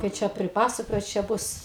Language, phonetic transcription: Lithuanian, kai ˈčia priˈpasakojau čia ˈbus

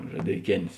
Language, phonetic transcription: Lithuanian, žadeiˈkėn's'

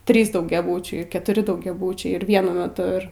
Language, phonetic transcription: Lithuanian, ˈtrys daugiaˈbūčiai ketuˈri daugiaˈbūčiai ir vieˈnu meˈtu ˈir

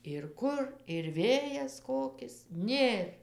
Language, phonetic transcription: Lithuanian, ir ˈkur ir ˈvėjas ˈkokis ˈnėr

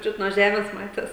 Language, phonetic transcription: Lithuanian, ˈčiut nuo ˈžemės ˈmatės

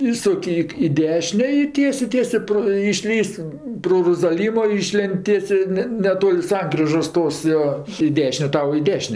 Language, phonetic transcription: Lithuanian, ˈįsuk' ik i ˈdešinė i ˈtiesė ˈtiesė pro išˈlįs' pro rozaˈlymo ˈyšlėnd' ˈtiesė ˈne neˈtol' ˈsankrižos ˈtos jo i ˈdešinė ˈtau i ˈdešinė

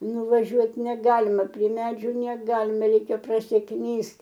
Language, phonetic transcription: Lithuanian, nuvaˈžiuot neˈgalima prie ˈmedžių neˈgalime ˈreikia prasiˈknyst

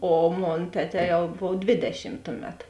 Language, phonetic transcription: Lithuanian, o ˈmon ˈteˌtē ˈjau ˈbov ˈdvėdešim ˈtuˌmet

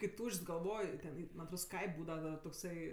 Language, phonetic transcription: Lithuanian, kai ˈtūšč's' galˈvoj ten ˈį man' atˈrod ˈskaip' ˈbūdava da tokˈsai

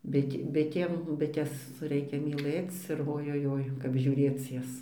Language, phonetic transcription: Lithuanian, ˈbit' ˈbitėm ˈbites ˈreikia myˈlɘc ir ojoˈjoi kap žiūˈrėc ˈjas

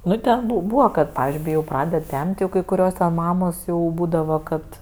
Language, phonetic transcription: Lithuanian, ˈnu ten bu ˈbūva kad pavizdžiui kai ˈjau ˈpraded ˈtem't' ˈjau kai kuˈrios ten ˈmamos jau ˈbūdava ˈkad

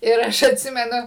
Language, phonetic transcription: Lithuanian, ir ˈaš atˈsimenu

